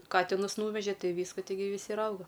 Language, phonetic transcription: Lithuanian, ˈkatinus ˈnūveže ˈtai ˈvyska ˈtigi viˈsi ir ˈauga

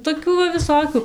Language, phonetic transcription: Lithuanian, toˈkių va viˈsokiu

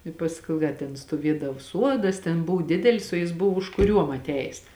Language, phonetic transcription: Lithuanian, i ˈpaskou ˈda ten stuoˈviedav ˈsuodas ten ˈbuv ˈdidelis o jis ˈbuvo užkuˈriuom atˈejės

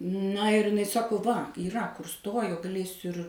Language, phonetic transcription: Lithuanian, na ir iˈnai ˈsako va yˈra kur ˈstojo gaˈlėsiu ir

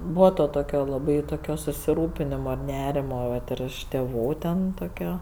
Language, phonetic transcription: Lithuanian, ˈbūva ˈto ˈtokio laˈbai toˈkio susiˈrūpinimo ir ˈnerimo ˈvat ir iš tėˈvų ˈten toˈkio

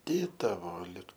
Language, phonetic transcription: Lithuanian, ˈdėtavo ˈlig

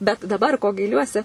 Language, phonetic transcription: Lithuanian, bet daˈbar ko gaiˈliuosi

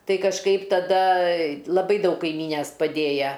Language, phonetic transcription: Lithuanian, ˈtai kažˈkaip taˈda laˈbai ˈdaug kaiˈmynes paˈdėja

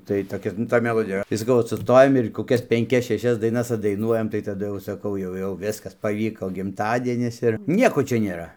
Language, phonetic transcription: Lithuanian, tai toˈkia nu ˈtoj meˈlodija yˈra tai saˈkau ˈot suˈstojam ir koˈkias penˈkias šeˈšias daiˈnas atdaiˈnuojam tai taˈdu jau saˈkau ˈjau jau ˈviskas paˈvyko gimˈtadienis ir ˈnieko ˈčia nėˈra

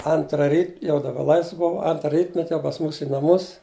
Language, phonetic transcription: Lithuanian, ˈantra ˈryt jau daˈba ˈlaisv ˈbuv ˈantra ˈrytmet' jau pas ˈmūs į naˈmus

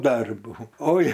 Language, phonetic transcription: Lithuanian, ˈdarbų ˈoi

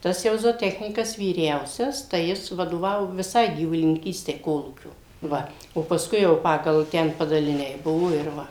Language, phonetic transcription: Lithuanian, ˈtas jau zoˈtechnykas vyˈriausias tai ˈjis vadoˈvavo viˈsai gyvulininˈkystei ˈkolūkio ˈva o paˈskui jau ˈpagal ˈten padaliˈniai ˈbuvo ir ˈva

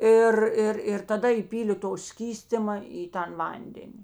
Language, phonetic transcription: Lithuanian, ˈir ˈir ir taˈda įˈpylė to ˈskystima į ˈtan ˈvandeni

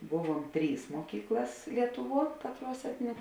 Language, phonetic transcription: Lithuanian, ˈbuˌvuom ˈtrys muoˈkyklas ˈlietuˌvuo ˈkatˌruos ˈetninė

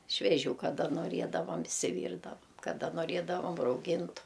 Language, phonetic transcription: Lithuanian, šveˈžių kaˈda noˈriedavam išsiˈvyrdavam kaˈda noˈriedavam rauˈgintu

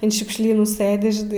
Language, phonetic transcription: Lithuanian, an šiukšˈlynų ˈsɘdi ˈži

